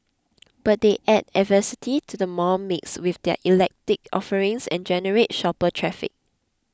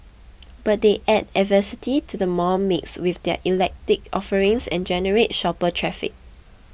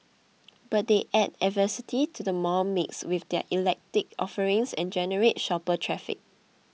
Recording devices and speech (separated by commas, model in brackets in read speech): close-talking microphone (WH20), boundary microphone (BM630), mobile phone (iPhone 6), read sentence